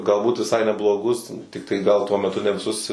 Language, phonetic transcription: Lithuanian, galˈbūt viˈsai nebloˈgus ˈtiktai ˈgal tuo meˈtu ne viˈsus

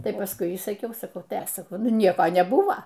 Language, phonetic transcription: Lithuanian, ˈtai pasˈkui y saˈkiau saˈkau ˈtai ˈaš saˈkau ˈnu ˈnieko neˈbuvo

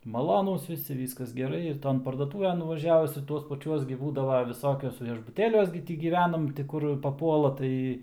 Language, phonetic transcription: Lithuanian, maˈlonūs viˈsi ˈvyskas geˈrai ir ˈton parduoˈtuven nuvaˈžiavus ir ˈtuos paˈčiuos gi ˈbūdavo viˈsokius viešbuˈtėliuos gi ˈti gyˈvenam ti ˈkur paˈpuola ˈtai

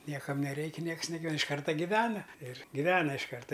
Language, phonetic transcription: Lithuanian, ˈniekam neˈreiki ˈnieks neˈgal' iš ˈkarta giˈvena ir giˈvena iš ˈkarta

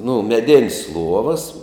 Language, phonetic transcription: Lithuanian, nu meˈdin's' ˈluovas

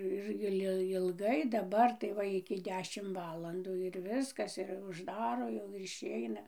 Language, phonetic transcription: Lithuanian, ˈir ˈil ilˈgai daˈbar tai ˈva iki ˈdešim ˈvalandų ir ˈviskas ir užˈdaro jau ir išˈeina

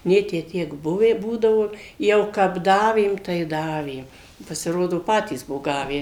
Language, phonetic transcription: Lithuanian, ˈnė tę ˈtiek ˈbuvę ˈbūdavo ˈjau kap ˈdavėm tai ˈdavėm pasiˈrodo ˈpatys ˈbuvo ˈgavę

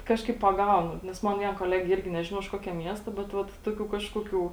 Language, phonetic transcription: Lithuanian, ˈkažkaip paˈgaunu nes ˈman ˈvien koˈlegė ˈirgi ˈnežinau iš ˈkuokia ˈmiesta bet ˈvat ˈtuoˌkių ˈkažkuoˌkių

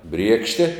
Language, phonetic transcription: Lithuanian, ˈbriekšte

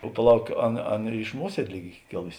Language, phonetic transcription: Lithuanian, o paˈlauk ˈaˌna ˈaˌna iš ˈmuosiedė ˈlyg ˈy ˈkėlusi

